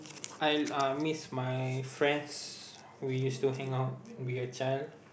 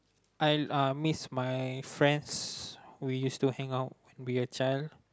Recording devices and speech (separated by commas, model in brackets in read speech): boundary microphone, close-talking microphone, conversation in the same room